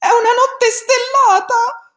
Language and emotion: Italian, fearful